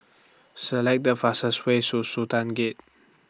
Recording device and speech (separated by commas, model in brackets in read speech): standing microphone (AKG C214), read sentence